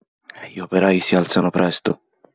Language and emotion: Italian, sad